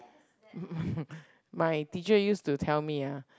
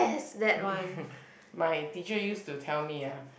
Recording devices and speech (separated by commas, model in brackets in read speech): close-talking microphone, boundary microphone, conversation in the same room